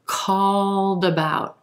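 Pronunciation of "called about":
In 'called about', the d at the end of 'called' links over onto the front of 'about', with no break between the words.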